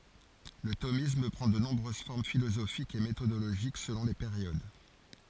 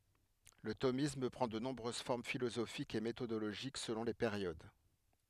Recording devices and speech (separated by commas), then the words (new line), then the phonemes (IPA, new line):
forehead accelerometer, headset microphone, read sentence
Le thomisme prend de nombreuses formes philosophiques et méthodologiques selon les périodes.
lə tomism pʁɑ̃ də nɔ̃bʁøz fɔʁm filozofikz e metodoloʒik səlɔ̃ le peʁjod